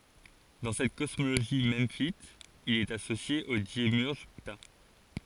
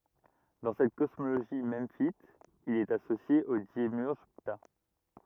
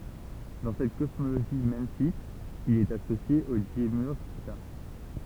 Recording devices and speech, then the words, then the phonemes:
forehead accelerometer, rigid in-ear microphone, temple vibration pickup, read sentence
Dans cette cosmogonie memphite, il est associé au démiurge Ptah.
dɑ̃ sɛt kɔsmoɡoni mɑ̃fit il ɛt asosje o demjyʁʒ pta

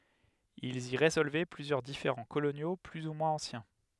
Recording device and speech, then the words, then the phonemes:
headset microphone, read sentence
Ils y résolvaient plusieurs différends coloniaux plus ou moins anciens.
ilz i ʁezɔlvɛ plyzjœʁ difeʁɑ̃ kolonjo ply u mwɛ̃z ɑ̃sjɛ̃

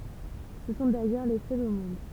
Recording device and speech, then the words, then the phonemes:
temple vibration pickup, read sentence
Ce sont d'ailleurs les seuls au monde.
sə sɔ̃ dajœʁ le sœlz o mɔ̃d

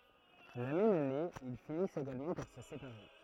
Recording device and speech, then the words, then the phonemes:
throat microphone, read sentence
La même année, ils finissent également par se séparer.
la mɛm ane il finist eɡalmɑ̃ paʁ sə sepaʁe

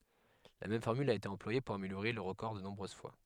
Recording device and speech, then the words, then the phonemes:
headset microphone, read sentence
La même formule a été employée pour améliorer leur record de nombreuses fois.
la mɛm fɔʁmyl a ete ɑ̃plwaje puʁ ameljoʁe lœʁ ʁəkɔʁ də nɔ̃bʁøz fwa

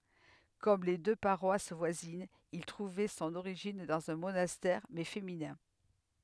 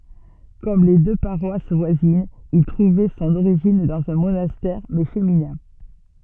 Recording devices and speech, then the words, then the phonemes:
headset microphone, soft in-ear microphone, read sentence
Comme les deux paroisses voisines, il trouvait son origine dans un monastère, mais féminin.
kɔm le dø paʁwas vwazinz il tʁuvɛ sɔ̃n oʁiʒin dɑ̃z œ̃ monastɛʁ mɛ feminɛ̃

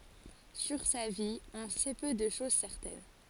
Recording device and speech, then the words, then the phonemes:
forehead accelerometer, read sentence
Sur sa vie, on sait peu de choses certaines.
syʁ sa vi ɔ̃ sɛ pø də ʃoz sɛʁtɛn

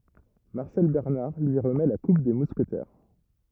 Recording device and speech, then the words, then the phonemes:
rigid in-ear microphone, read sentence
Marcel Bernard lui remet la coupe des Mousquetaires.
maʁsɛl bɛʁnaʁ lyi ʁəmɛ la kup de muskətɛʁ

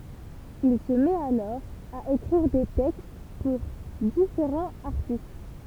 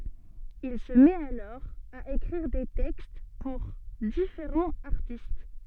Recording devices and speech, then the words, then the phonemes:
temple vibration pickup, soft in-ear microphone, read sentence
Il se met alors à écrire des textes pour différents artistes.
il sə mɛt alɔʁ a ekʁiʁ de tɛkst puʁ difeʁɑ̃z aʁtist

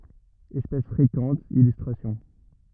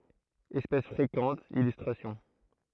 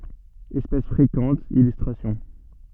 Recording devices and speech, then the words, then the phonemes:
rigid in-ear microphone, throat microphone, soft in-ear microphone, read sentence
Espèce fréquente, illustrations.
ɛspɛs fʁekɑ̃t ilystʁasjɔ̃

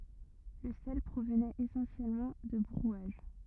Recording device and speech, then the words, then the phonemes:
rigid in-ear microphone, read sentence
Le sel provenait essentiellement de Brouage.
lə sɛl pʁovnɛt esɑ̃sjɛlmɑ̃ də bʁwaʒ

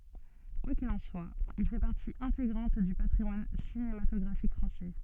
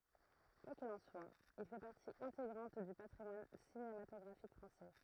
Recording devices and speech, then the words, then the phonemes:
soft in-ear microphone, throat microphone, read sentence
Quoi qu'il en soit, il fait partie intégrante du patrimoine cinématographique français.
kwa kil ɑ̃ swa il fɛ paʁti ɛ̃teɡʁɑ̃t dy patʁimwan sinematɔɡʁafik fʁɑ̃sɛ

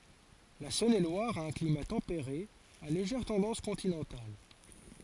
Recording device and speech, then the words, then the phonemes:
forehead accelerometer, read sentence
La Saône-et-Loire a un climat tempéré à légère tendance continentale.
la sɔ̃nelwaʁ a œ̃ klima tɑ̃peʁe a leʒɛʁ tɑ̃dɑ̃s kɔ̃tinɑ̃tal

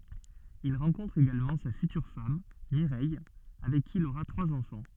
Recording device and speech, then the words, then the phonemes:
soft in-ear microphone, read sentence
Il rencontre également sa future femme, Mireille, avec qui il aura trois enfants.
il ʁɑ̃kɔ̃tʁ eɡalmɑ̃ sa fytyʁ fam miʁɛj avɛk ki il oʁa tʁwaz ɑ̃fɑ̃

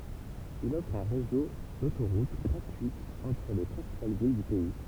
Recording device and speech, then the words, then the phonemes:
temple vibration pickup, read sentence
Il offre un réseau d'autoroutes gratuites entre les principales villes du pays.
il ɔfʁ œ̃ ʁezo dotoʁut ɡʁatyitz ɑ̃tʁ le pʁɛ̃sipal vil dy pɛi

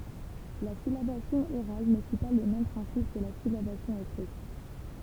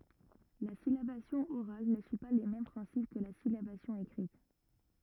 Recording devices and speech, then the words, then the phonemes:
temple vibration pickup, rigid in-ear microphone, read sentence
La syllabation orale ne suit pas les mêmes principes que la syllabation écrite.
la silabasjɔ̃ oʁal nə syi pa le mɛm pʁɛ̃sip kə la silabasjɔ̃ ekʁit

